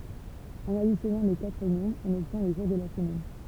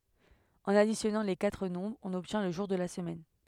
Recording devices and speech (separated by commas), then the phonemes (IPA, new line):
temple vibration pickup, headset microphone, read sentence
ɑ̃n adisjɔnɑ̃ le katʁ nɔ̃bʁz ɔ̃n ɔbtjɛ̃ lə ʒuʁ də la səmɛn